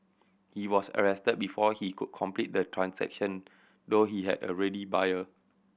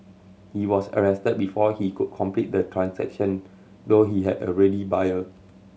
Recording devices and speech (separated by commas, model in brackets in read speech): boundary microphone (BM630), mobile phone (Samsung C7100), read sentence